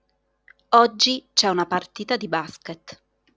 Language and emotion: Italian, neutral